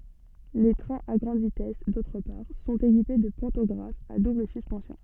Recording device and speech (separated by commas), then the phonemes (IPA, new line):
soft in-ear microphone, read sentence
le tʁɛ̃z a ɡʁɑ̃d vitɛs dotʁ paʁ sɔ̃t ekipe də pɑ̃tɔɡʁafz a dubl syspɑ̃sjɔ̃